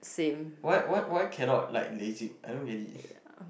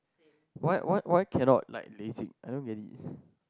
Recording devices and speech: boundary microphone, close-talking microphone, conversation in the same room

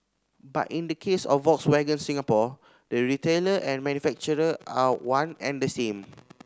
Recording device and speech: standing microphone (AKG C214), read sentence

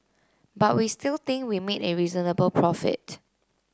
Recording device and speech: close-talking microphone (WH30), read sentence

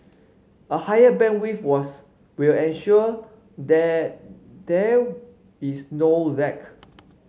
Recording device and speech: mobile phone (Samsung C5), read sentence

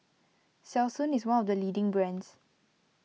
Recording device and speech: mobile phone (iPhone 6), read sentence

